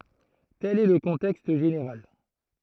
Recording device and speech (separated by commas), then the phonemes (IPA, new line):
throat microphone, read sentence
tɛl ɛ lə kɔ̃tɛkst ʒeneʁal